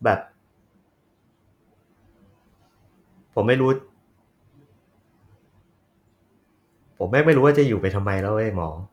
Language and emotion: Thai, sad